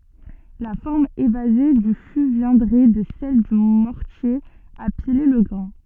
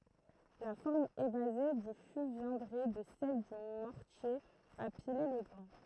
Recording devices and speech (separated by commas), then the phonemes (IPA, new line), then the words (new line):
soft in-ear microphone, throat microphone, read sentence
la fɔʁm evaze dy fy vjɛ̃dʁɛ də sɛl dy mɔʁtje a pile lə ɡʁɛ̃
La forme évasée du fût viendrait de celle du mortier à piler le grain.